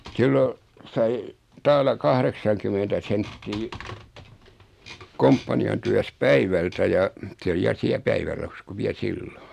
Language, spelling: Finnish, silloin sai taala kahdeksankymmentä senttiä komppanian työssä päivältä ja se oli ja siellä päivärahassa kun vielä silloin
- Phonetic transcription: 'siilo , 'sai , 'taala 'kahreksaŋkymentä 'senttii , 'komppani₍an tyäs "päivältä ja , 'se oli ja 'siä 'päivärahas ku 'viä "silloɴ .

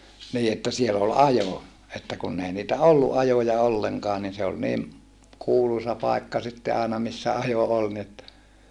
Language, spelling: Finnish, niin että siellä oli ajo että kun ei niitä ollut ajoja ollenkaan niin se oli niin kuuluisa paikka sitten aina missä ajo oli niin että
- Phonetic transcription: nii että siel ‿ol ajo , että kunn ‿ei niitä olluʼ ʼajoja olleŋkaa nin se ol niim , kuulusa pàekka sitte àena missä ajo ol ni että ,.

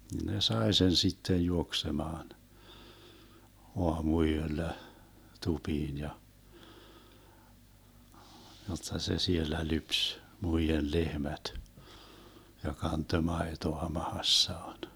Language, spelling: Finnish, ne sai sen sitten juoksemaan aamuyöllä tupiin ja jotta se siellä lypsi muiden lehmät ja kantoi maitoa mahassaan
- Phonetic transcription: ne 'sae sen 'sittej 'juoksemaan , 'oamu₍yöllä , 'tupiin ja , jotta se 'siellä "lyps , 'muijel 'lehmät , ja 'kantö 'maetoa 'mahassaan .

